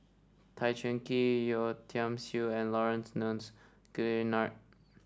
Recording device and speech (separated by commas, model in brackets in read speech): standing microphone (AKG C214), read sentence